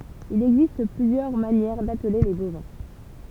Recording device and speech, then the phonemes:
temple vibration pickup, read sentence
il ɛɡzist plyzjœʁ manjɛʁ datle le bovɛ̃

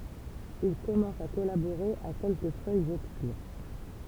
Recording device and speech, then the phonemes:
temple vibration pickup, read sentence
il kɔmɑ̃s a kɔlaboʁe a kɛlkə fœjz ɔbskyʁ

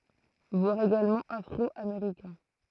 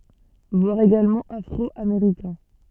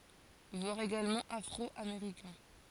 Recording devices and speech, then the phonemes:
throat microphone, soft in-ear microphone, forehead accelerometer, read sentence
vwaʁ eɡalmɑ̃ afʁɔameʁikɛ̃

